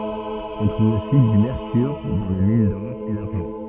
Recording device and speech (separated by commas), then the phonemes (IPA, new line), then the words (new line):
soft in-ear microphone, read sentence
ɔ̃ tʁuv osi dy mɛʁkyʁ dɑ̃ le min dɔʁ e daʁʒɑ̃
On trouve aussi du mercure dans les mines d'or et d'argent.